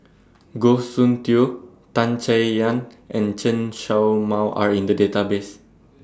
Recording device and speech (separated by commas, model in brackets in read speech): standing microphone (AKG C214), read sentence